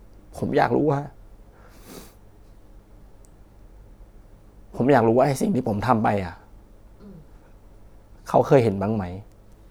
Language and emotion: Thai, sad